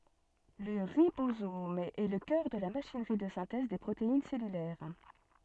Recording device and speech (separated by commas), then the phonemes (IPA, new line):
soft in-ear microphone, read sentence
lə ʁibozom ɛ lə kœʁ də la maʃinʁi də sɛ̃tɛz de pʁotein sɛlylɛʁ